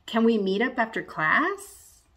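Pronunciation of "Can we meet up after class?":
The voice goes up at the end of this yes/no question, rising on 'class', and the rise is exaggerated.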